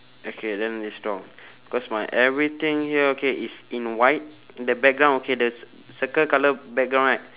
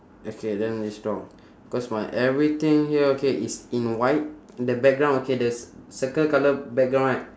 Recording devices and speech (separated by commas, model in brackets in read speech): telephone, standing microphone, conversation in separate rooms